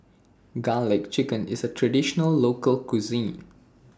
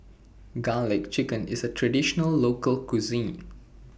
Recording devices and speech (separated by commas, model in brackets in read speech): standing microphone (AKG C214), boundary microphone (BM630), read sentence